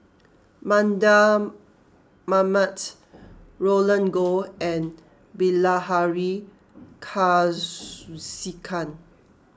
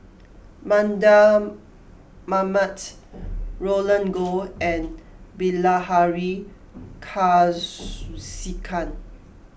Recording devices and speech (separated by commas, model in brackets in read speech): close-talking microphone (WH20), boundary microphone (BM630), read sentence